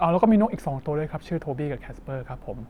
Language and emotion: Thai, neutral